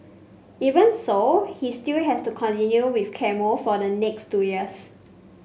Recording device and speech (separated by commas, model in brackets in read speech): mobile phone (Samsung C5), read sentence